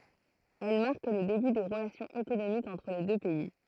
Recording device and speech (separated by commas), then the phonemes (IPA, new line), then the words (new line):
throat microphone, read sentence
ɛl maʁk lə deby de ʁəlasjɔ̃z ekonomikz ɑ̃tʁ le dø pɛi
Elles marquent le début des relations économiques entre les deux pays.